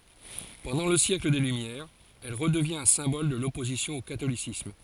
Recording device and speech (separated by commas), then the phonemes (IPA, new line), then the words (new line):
forehead accelerometer, read sentence
pɑ̃dɑ̃ lə sjɛkl de lymjɛʁz ɛl ʁədəvjɛ̃t œ̃ sɛ̃bɔl də lɔpozisjɔ̃ o katolisism
Pendant le siècle des Lumières, elle redevient un symbole de l'opposition au catholicisme.